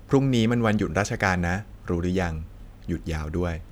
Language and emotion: Thai, neutral